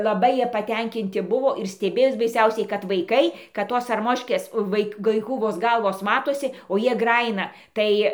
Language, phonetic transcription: Lithuanian, laˈbai ˈjie paˈtenkinti ˈbuvo ir steˈbėjos baiˈsiausiai kad vaiˈkai kad ˈtos arˈmoškės ˈvaik ˈvaikų vos ˈgalvos ˈmatosi o ˈjie ˈgrajina ˈtai

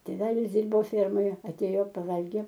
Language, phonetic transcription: Lithuanian, tėˈvelis ˈdirbo ˈfermoje aˈtėjo paˈvalgė

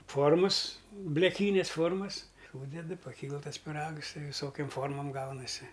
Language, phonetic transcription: Lithuanian, ˈformas bleˈkynes ˈformas ˈsūdedɨ paˈkyl ˈtas piˈrags ˈtai viˈsokiom ˈformom ˈgaunasi

